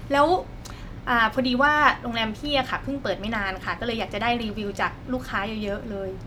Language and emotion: Thai, neutral